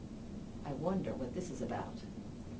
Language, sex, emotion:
English
female
fearful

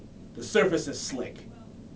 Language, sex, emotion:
English
male
disgusted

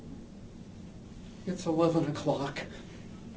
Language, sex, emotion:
English
male
fearful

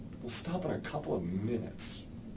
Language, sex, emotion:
English
male
neutral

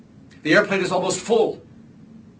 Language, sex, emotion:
English
male
angry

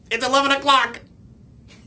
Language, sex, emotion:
English
male
happy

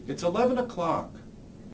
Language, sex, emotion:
English
male
disgusted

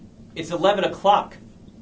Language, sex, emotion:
English
male
angry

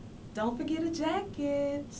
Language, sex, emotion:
English
female
neutral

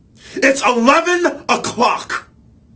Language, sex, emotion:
English
male
angry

